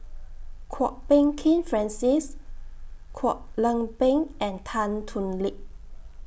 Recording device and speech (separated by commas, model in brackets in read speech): boundary microphone (BM630), read sentence